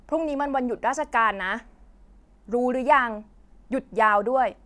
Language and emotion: Thai, frustrated